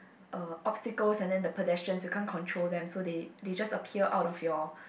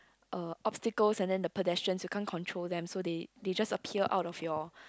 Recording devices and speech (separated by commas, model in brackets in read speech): boundary microphone, close-talking microphone, conversation in the same room